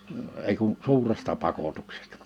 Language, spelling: Finnish, ei kuin suuresta pakotuksesta
- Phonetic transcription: 'ei kun , 'suuresta 'pakotuksᴇstᴀ .

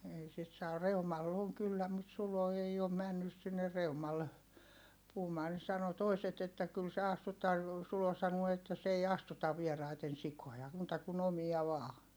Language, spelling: Finnish, ei sitten saa Reumalla on kyllä mutta Sulo ei ole mennyt sinne Reumalle puhumaan ne sanoi toiset että kyllä se astuttaa Sulo sanoo että se ei astuta vieraiden sikoja muuta kuin omia vain
- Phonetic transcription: ei sit saa - Reumall ‿oŋ kyllä mut Sulo ei om männys sinne Reumalle , puhumaa ne sano toiset ‿että kyl se astut̆taa , Sulo sanuo että s ‿ei astutav vieraiten sikoja , muuta kun ‿omi₍a vaa .

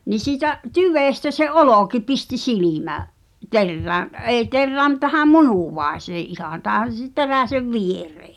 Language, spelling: Finnish, niin siitä tyvestä se olki pisti - silmäterään ei terään - tähän munuaiseen ihan tähän - teräsen viereen
- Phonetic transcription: ni siitä’ , "tyvèstä se "olòki pisti 'silimä- , -"terrään̆ , '’èi 'terrää m- tähä "munùvài̬see '’ihan 'tähän̬ s(i-) 'teräsev "vieree .

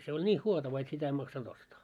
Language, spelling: Finnish, se oli niin huotava että sitä ei maksanut ostaa
- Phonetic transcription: se oĺ 'ńiih "huotava et 'sitä ei maksan'ᴅ ‿ostaa .

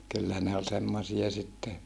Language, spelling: Finnish, kyllä ne oli semmoisia sitten
- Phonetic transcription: kyllä ne oĺ semmosia sitte ,.

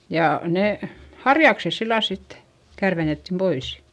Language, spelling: Finnish, ja ne harjakset sillä lailla sitten kärvennettiin pois
- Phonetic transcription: ja , nè , harjakses sillal sit , kärvenettim pois .

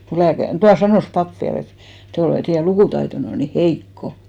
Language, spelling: Finnish, kun lääkäri tuo sanoi pappi vielä että te olette teidän lukutaitonne on niin heikko
- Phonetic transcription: ko 'lääkär , 'tua 'sanòs "pap viä'l ‿et » 'te olet , teijä 'lukùtaitonne on ni "heikko « .

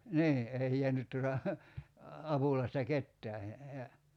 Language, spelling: Finnish, niin ei jäänyt tuota apulaista ketään ja
- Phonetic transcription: 'nii , 'ei jeänyt tuota , 'apulaista "kettää , ja ,.

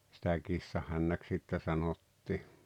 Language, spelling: Finnish, sitä kissanhännäksi sitten sanottiin
- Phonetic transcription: sⁱtä 'kissahännäks sittä 'sanottii .

